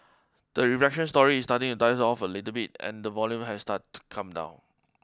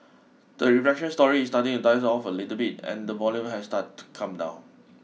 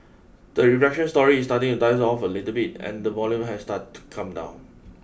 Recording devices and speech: close-talking microphone (WH20), mobile phone (iPhone 6), boundary microphone (BM630), read sentence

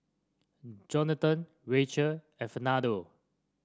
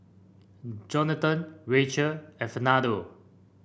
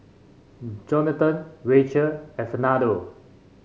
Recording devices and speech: standing microphone (AKG C214), boundary microphone (BM630), mobile phone (Samsung C5), read sentence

